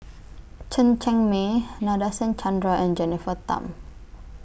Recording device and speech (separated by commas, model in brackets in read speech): boundary microphone (BM630), read sentence